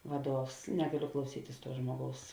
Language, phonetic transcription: Lithuanian, ˈvaˌduovs ˈnegaˌliu klauˈsytis ˈtuo ˈžmuoˌgaus

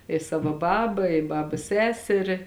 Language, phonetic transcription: Lithuanian, i ˈsavo ˈbaba i ˈbabas ˈseseri

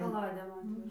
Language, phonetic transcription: Lithuanian, kaˈladėm ˈatveža

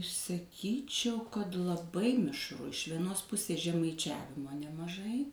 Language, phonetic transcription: Lithuanian, saˈkyčiau kad laˈbai mišˈru iš vieˈnos ˈpusės žemaiˈčiavimo nemaˈžai

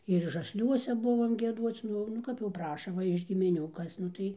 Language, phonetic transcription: Lithuanian, ir žasˈliuose ˈbuvom gieˈduoc ˈnu nu ˈkap jau ˈpraša ˈva iš gimiˈnių ˈkas nu ˈtai

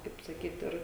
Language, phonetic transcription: Lithuanian, kaip saˈkyt ˈir

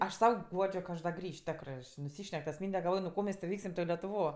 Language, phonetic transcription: Lithuanian, ˈaš ˈsau ˈguodžio ka ˈaš da ˈgrįš ˈtekrɜ nuˈsyšnek tas ˈmynde galˈvoj nu ˈko mes tė ˈveiksim letuˈvo

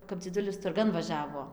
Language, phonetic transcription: Lithuanian, kap dziˈdulis turˈgan vaˈžiavo

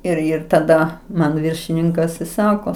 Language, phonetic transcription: Lithuanian, ir ˈir taˈda ˈman ˈviršininkas i ˈsako

